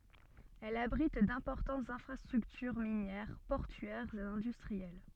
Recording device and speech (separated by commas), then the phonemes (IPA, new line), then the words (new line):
soft in-ear microphone, read sentence
ɛl abʁit dɛ̃pɔʁtɑ̃tz ɛ̃fʁastʁyktyʁ minjɛʁ pɔʁtyɛʁz e ɛ̃dystʁiɛl
Elle abrite d'importantes infrastructures minières, portuaires et industrielles.